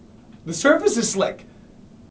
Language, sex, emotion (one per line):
English
male
fearful